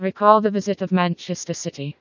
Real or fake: fake